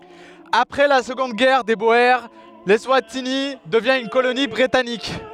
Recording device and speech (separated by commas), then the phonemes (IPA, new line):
headset microphone, read sentence
apʁɛ la səɡɔ̃d ɡɛʁ de boe lɛswatini dəvjɛ̃ yn koloni bʁitanik